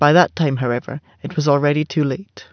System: none